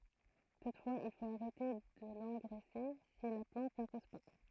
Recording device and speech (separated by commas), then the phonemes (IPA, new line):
throat microphone, read sentence
tutfwaz il fot aʁɛte də lɑ̃ɡʁɛse si la plɑ̃t nə pus pa